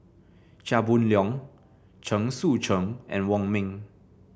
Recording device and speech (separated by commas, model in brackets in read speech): boundary microphone (BM630), read sentence